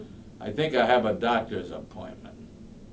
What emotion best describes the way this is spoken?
disgusted